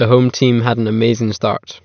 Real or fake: real